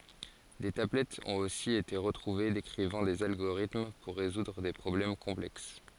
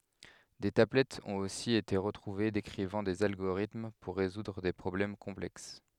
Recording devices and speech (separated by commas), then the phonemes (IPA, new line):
forehead accelerometer, headset microphone, read sentence
de tablɛtz ɔ̃t osi ete ʁətʁuve dekʁivɑ̃ dez alɡoʁitm puʁ ʁezudʁ de pʁɔblɛm kɔ̃plɛks